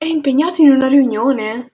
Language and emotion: Italian, surprised